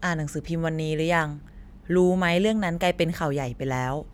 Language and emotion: Thai, neutral